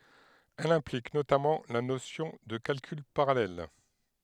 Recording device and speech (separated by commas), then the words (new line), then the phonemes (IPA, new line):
headset microphone, read sentence
Elle implique notamment la notion de calcul parallèle.
ɛl ɛ̃plik notamɑ̃ la nosjɔ̃ də kalkyl paʁalɛl